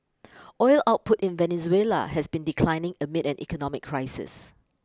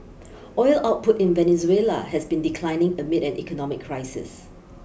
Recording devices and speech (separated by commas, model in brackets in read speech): close-talking microphone (WH20), boundary microphone (BM630), read sentence